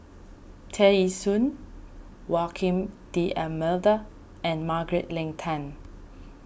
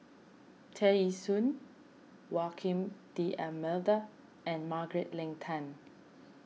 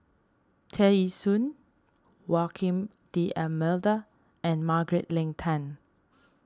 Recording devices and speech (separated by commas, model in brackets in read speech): boundary microphone (BM630), mobile phone (iPhone 6), standing microphone (AKG C214), read sentence